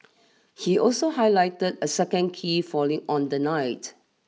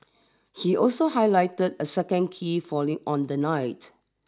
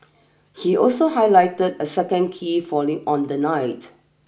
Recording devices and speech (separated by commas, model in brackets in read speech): mobile phone (iPhone 6), standing microphone (AKG C214), boundary microphone (BM630), read sentence